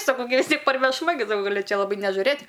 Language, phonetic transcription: Lithuanian, saˈkau gi vis ˈtiek parvešˈma gi gaˈli ˈčia laˈbai nežuˈrɘt'

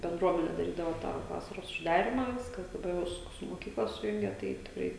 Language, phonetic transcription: Lithuanian, benˈdruomene daˈrydava tą ˈvasaros užˈdarimą ˈviskas daˈbar ˈva su su moˈkykla suˈjungia ˈtai tikˈrai

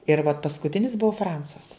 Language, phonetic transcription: Lithuanian, ir vat paskuˈtinis ˈbuvo ˈfransas

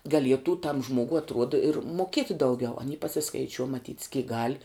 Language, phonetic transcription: Lithuanian, gaˈlietų tam ˈžmuogu atˈruoda ir muoˈkieti dauˈgiau aˈny pasiskaiˈčiuo maˈtyt's kyk gal'

